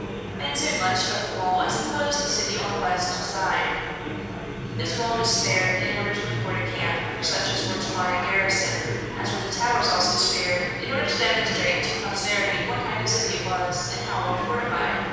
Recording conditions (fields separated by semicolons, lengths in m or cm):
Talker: one person; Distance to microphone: 7.1 m; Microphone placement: far; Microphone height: 1.7 m; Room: very reverberant, large; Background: babble